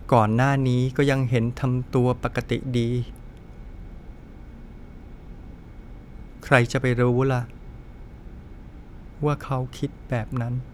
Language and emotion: Thai, sad